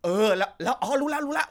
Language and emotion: Thai, happy